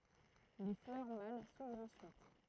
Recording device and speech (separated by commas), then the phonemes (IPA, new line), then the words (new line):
throat microphone, read sentence
le flœʁ mal suvʁt ɑ̃syit
Les fleurs mâles s’ouvrent ensuite.